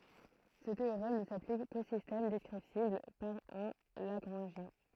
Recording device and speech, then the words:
throat microphone, read sentence
Ce théorème ne s'applique qu'aux systèmes descriptibles par un lagrangien.

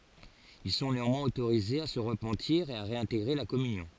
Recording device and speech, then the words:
forehead accelerometer, read sentence
Ils sont néanmoins autorisés à se repentir et à réintégrer la communion.

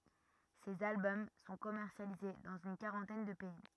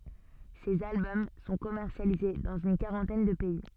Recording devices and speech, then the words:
rigid in-ear microphone, soft in-ear microphone, read sentence
Ses albums sont commercialisés dans une quarantaine de pays.

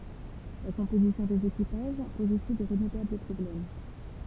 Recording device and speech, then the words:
temple vibration pickup, read sentence
La composition des équipages pose aussi de redoutables problèmes.

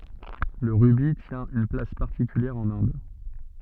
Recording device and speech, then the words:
soft in-ear microphone, read sentence
Le rubis tient une place particulière en Inde.

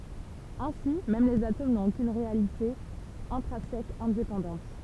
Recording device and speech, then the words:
temple vibration pickup, read sentence
Ainsi, même les atomes n'ont aucune réalité intrinsèque indépendante.

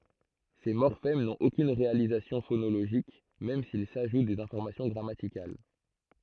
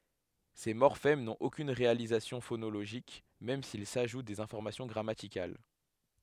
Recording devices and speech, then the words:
throat microphone, headset microphone, read sentence
Ces morphèmes n’ont aucune réalisation phonologique même s’ils ajoutent des informations grammaticales.

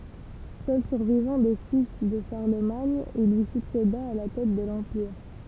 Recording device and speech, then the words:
temple vibration pickup, read sentence
Seul survivant des fils de Charlemagne, il lui succéda à la tête de l'empire.

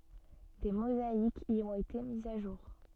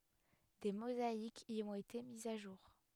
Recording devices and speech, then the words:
soft in-ear microphone, headset microphone, read sentence
Des mosaïques y ont été mises à jour.

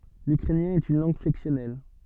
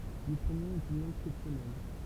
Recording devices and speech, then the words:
soft in-ear microphone, temple vibration pickup, read sentence
L'ukrainien est une langue flexionnelle.

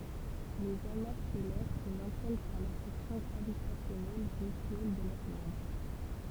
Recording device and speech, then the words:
temple vibration pickup, read sentence
Les amas stellaires se maintiennent par l'attraction gravitationnelle mutuelle de leurs membres.

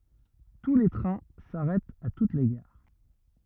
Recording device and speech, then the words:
rigid in-ear microphone, read sentence
Tous les trains s'arrêtent à toutes les gares.

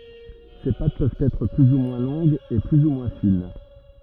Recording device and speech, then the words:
rigid in-ear microphone, read sentence
Ces pâtes peuvent être plus ou moins longues et plus ou moins fines.

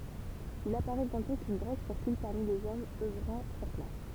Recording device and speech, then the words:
temple vibration pickup, read sentence
Il apparaît bientôt qu'une drogue circule parmi les hommes œuvrant sur place.

